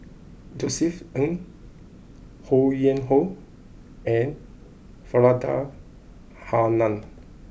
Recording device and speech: boundary microphone (BM630), read sentence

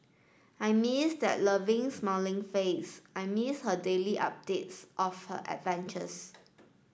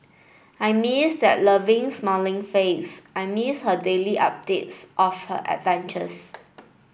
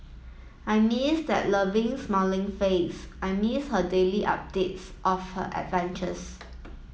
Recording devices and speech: standing microphone (AKG C214), boundary microphone (BM630), mobile phone (iPhone 7), read sentence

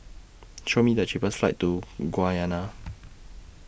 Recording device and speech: boundary microphone (BM630), read sentence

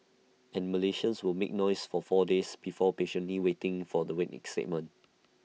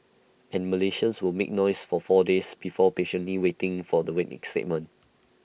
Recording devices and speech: mobile phone (iPhone 6), boundary microphone (BM630), read sentence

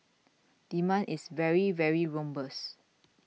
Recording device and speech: mobile phone (iPhone 6), read sentence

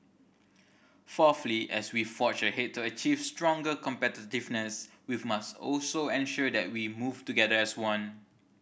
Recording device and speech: boundary microphone (BM630), read sentence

